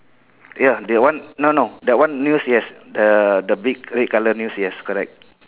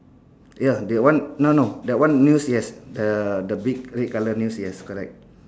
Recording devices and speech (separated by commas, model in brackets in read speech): telephone, standing microphone, conversation in separate rooms